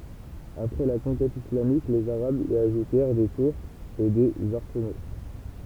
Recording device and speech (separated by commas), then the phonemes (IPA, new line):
temple vibration pickup, read sentence
apʁɛ la kɔ̃kɛt islamik lez aʁabz i aʒutɛʁ de tuʁz e dez aʁsəno